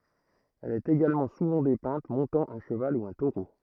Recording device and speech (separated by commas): throat microphone, read sentence